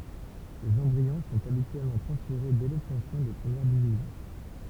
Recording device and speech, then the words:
temple vibration pickup, read sentence
Les embryons sont habituellement transférés dès l'obtention des premières divisions.

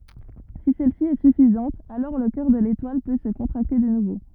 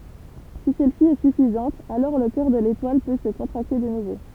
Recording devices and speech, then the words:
rigid in-ear microphone, temple vibration pickup, read sentence
Si celle-ci est suffisante, alors le cœur de l'étoile peut se contracter de nouveau.

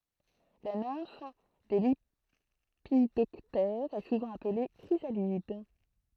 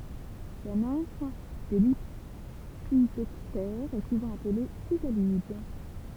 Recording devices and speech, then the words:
throat microphone, temple vibration pickup, read sentence
La nymphe des lépidoptères est souvent appelée chrysalide.

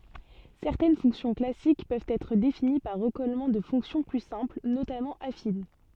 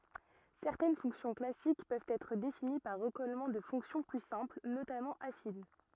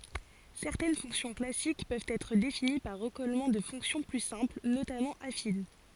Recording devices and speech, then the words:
soft in-ear microphone, rigid in-ear microphone, forehead accelerometer, read sentence
Certaines fonctions classiques peuvent être définies par recollement de fonctions plus simples, notamment affines.

